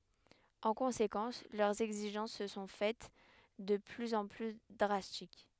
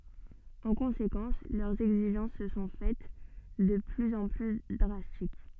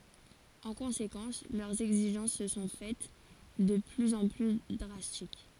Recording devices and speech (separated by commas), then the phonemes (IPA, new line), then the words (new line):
headset microphone, soft in-ear microphone, forehead accelerometer, read sentence
ɑ̃ kɔ̃sekɑ̃s lœʁz ɛɡziʒɑ̃s sə sɔ̃ fɛt də plyz ɑ̃ ply dʁastik
En conséquence, leurs exigences se sont faites de plus en plus drastiques.